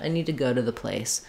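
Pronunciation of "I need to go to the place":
The vowel in 'to' is reduced to a schwa instead of an oo sound. The t in the 'to' after 'go' is flapped.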